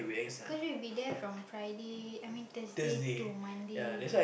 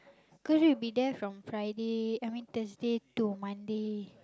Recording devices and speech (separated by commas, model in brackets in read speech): boundary microphone, close-talking microphone, conversation in the same room